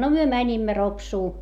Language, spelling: Finnish, no me menimme Ropsuun
- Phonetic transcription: no myö mäńimmä Ropsuu .

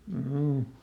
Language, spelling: Finnish, juu
- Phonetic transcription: m̥juu .

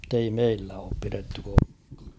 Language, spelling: Finnish, mutta ei meillä ole pidetty koskaan
- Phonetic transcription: m̥tei "meillä oop 'piretty (kᴏskᴀᴀ) .

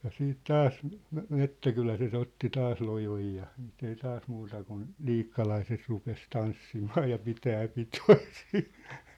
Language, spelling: Finnish, ja sitten taas - metsäkyläläiset otti taas lojon ja sitten ei taas muuta kuin liikkalaiset rupesi tanssimaan ja pitämään pitoja siinä
- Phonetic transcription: ja 'siit 'taas , me- 'mettäkyläset 'otti 'taas 'lojoj ja , sɪɪt ‿ei 'taas 'muuta kun , "liikkalaiset 'rupes 'tanssimaa ja 'pitää 'pitoi sɪɪɴ .

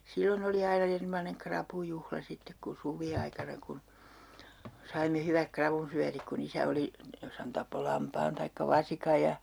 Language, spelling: Finnish, silloin oli aina erinomainen rapujuhla sitten kun suviaikana kun saimme hyvät ravunsyötit kun isä oli jos hän tappoi lampaan tai vasikan ja
- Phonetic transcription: 'sillon ‿oli 'aina 'ernomaneŋ "krapujuhla 'sittek ku 'suviaikana kun , saimme 'hyväk 'kravunsyätik ku'n ‿isä oli , 'jos hän tappo 'lampaan taikka "vasika ja , .

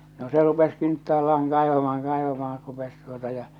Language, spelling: Finnish, no se rupesi kintaallaan kaivamaan kaivamaan rupesi tuota ja
- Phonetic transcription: no 'se rupes 'kinttaalla₍aŋ 'kaivamahaŋ 'kaivamahar rupes tuota ja .

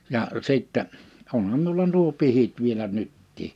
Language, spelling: Finnish, ja sitten onhan minulla nuo pihdit vielä nytkin
- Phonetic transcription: 'ja , 'sittɛ , 'onham miula nuo 'pihit vielä 'nyttii .

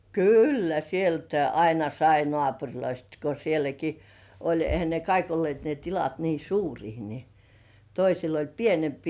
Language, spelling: Finnish, kyllä sieltäkin aina sai naapureista kun sielläkin oli eihän ne kaikki olleet ne tilat niin suuria niin toisilla oli pienempiä
- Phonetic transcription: kyllä "sieltäi 'aina "sai 'nŏàpuŕloist ko sieläki , oĺ 'ehä ne "kaik olli§èt ne 'tilat nii "suurii ni , 'toisil oĺ "pienempii .

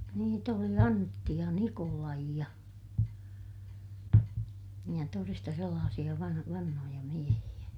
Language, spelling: Finnish, niitä oli Antti ja Nikolai ja ja todesta sellaisia - vanhoja miehiä
- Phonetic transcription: niit ‿oli Antti ja Nikolai ja , ja toresta sellaasiʲa van- , vanhoja miehiʲä .

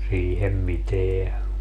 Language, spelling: Finnish, siihen mitään
- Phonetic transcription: 'siihem 'miteä .

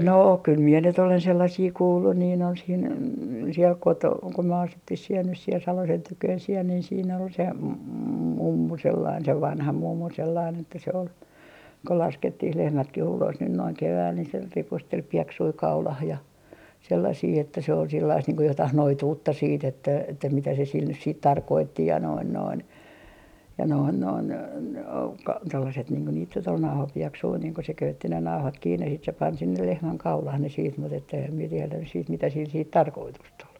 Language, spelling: Finnish, no kyllä minä nyt olen sellaisia kuullut niin on siinä siellä - kun me asuttiin siellä nyt siellä Salosen tykönä siellä niin siinä oli se mummu sellainen se vanha mummu sellainen että se oli kun laskettiin lehmätkin ulos nyt noin keväällä niin se ripusteli pieksuja kaulaan ja sellaisia että se oli sellaista niin kuin jotakin noituutta sitten että että mitä se sillä nyt sitten tarkoitti ja noin noin ja noin noin - tuollaiset niin kuin niitä nyt oli nauhapieksuja niin kun se köytti ne nauhat kiinni sitten se pani sinne lehmän kaulaan ne sitten mutta että enhän minä tiedä nyt sitten mitä sillä sitten tarkoitusta oli
- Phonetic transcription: 'no kyl mie nyt ‿olen sellasii 'kuullun nii ‿on siin , siel "koto- , ko myö 'asuttih siel nys siel "Salosen 'tyköön siel niin siin ‿ol se , "mummu 'sellain se 'vanha 'mummu sellain että se ol , ko 'laskettih "lehmätkih ulos nyn noiŋ 'kevääl ni se 'ripustel "pieksui "kaulah ja , sellasii että se ol 'sillaist niiŋ ko 'jotah "noituutta siit ‿että että mitä se sil nys siit "tarkootti ja noin noin , ja noin noin , o - tollaset niiŋ ko niit nyt ‿ol 'nauhapieksui niiŋ ko se 'köytti ne "nauhat 'kiinne sit se pan sinnel "lehmäŋ 'kaulah ne siit mut ‿ett ‿eehäm mie tielä nys siit mitä sil siit "tarkoitust ‿ol .

